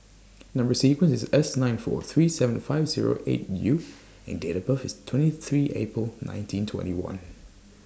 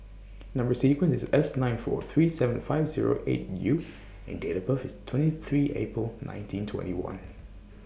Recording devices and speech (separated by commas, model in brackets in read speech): standing microphone (AKG C214), boundary microphone (BM630), read sentence